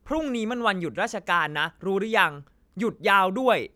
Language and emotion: Thai, angry